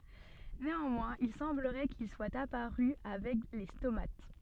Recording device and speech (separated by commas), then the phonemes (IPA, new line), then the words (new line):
soft in-ear microphone, read sentence
neɑ̃mwɛ̃z il sɑ̃bləʁɛ kil swat apaʁy avɛk le stomat
Néanmoins, il semblerait qu'ils soient apparus avec les stomates.